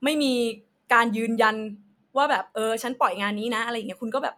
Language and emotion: Thai, angry